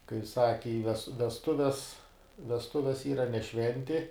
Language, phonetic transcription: Lithuanian, kai ˈsaki i ves vesˈtuves vesˈtuves ˈyra ne ˈšventi

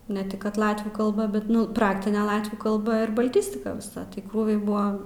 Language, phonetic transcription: Lithuanian, ne ˈtik kad ˈlatvių kalˈba bet ˈnu ˈpraktine ˈlatvių kalˈba ir baˈltistika viˈsa tai ˈkrūviai ˈbua

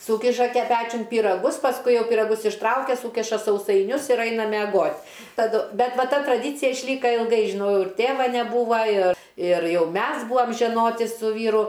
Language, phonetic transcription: Lithuanian, ˈsūkiša ˈpečiun pyraˈgus pasˈkui ˈjau piraˈgus išˈtraukia ˈsūkiša sausaiˈnius ir ˈaina meˈgot' taˈdu ˈbet ˈva ˈta traˈdycija išˈlyka ilˈgai žiˈnau ir ˈtėva neˈbūva ir ir ˈjau ˈmes ˈbūvam žeˈnoti su ˈvyru

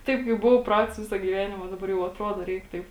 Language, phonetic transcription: Lithuanian, ˈtaip kaip ˈbuvau ˈprats ˈvisa gyˈvenima daˈbar jau atˈruodo ˈreik ˈtaip

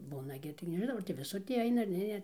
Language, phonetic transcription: Lithuanian, ˈbūna gi taigi nežiˈnau ar ti viˈsur ˈtį ˈaina ar ˈne ne

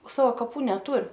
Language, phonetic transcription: Lithuanian, ˈsava kaˈpų neˈtur

